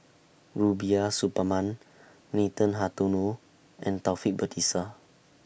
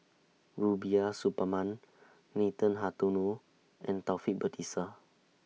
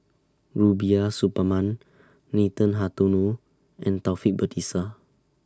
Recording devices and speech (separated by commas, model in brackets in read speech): boundary microphone (BM630), mobile phone (iPhone 6), standing microphone (AKG C214), read sentence